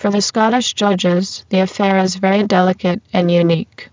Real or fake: fake